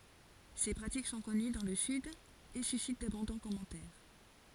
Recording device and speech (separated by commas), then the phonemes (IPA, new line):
forehead accelerometer, read sentence
se pʁatik sɔ̃ kɔny dɑ̃ lə syd e sysit dabɔ̃dɑ̃ kɔmɑ̃tɛʁ